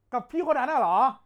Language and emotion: Thai, angry